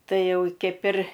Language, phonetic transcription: Lithuanian, ˈtai ˈjau ˈkeip ir

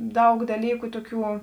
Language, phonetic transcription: Lithuanian, ˈdaug daˈlyku ˈtoˌkių

